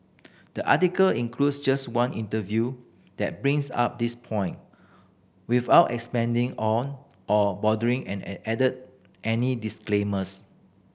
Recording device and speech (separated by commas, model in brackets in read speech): boundary microphone (BM630), read sentence